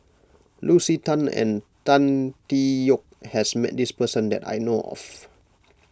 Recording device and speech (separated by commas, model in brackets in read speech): close-talking microphone (WH20), read sentence